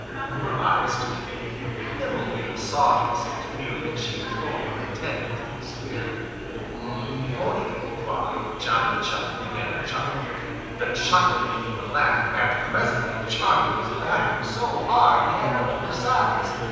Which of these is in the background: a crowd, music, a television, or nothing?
Crowd babble.